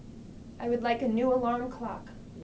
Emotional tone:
neutral